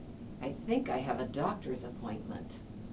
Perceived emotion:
neutral